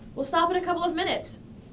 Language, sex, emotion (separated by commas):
English, female, angry